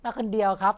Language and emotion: Thai, neutral